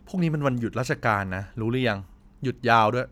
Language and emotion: Thai, neutral